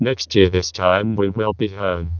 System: VC, vocoder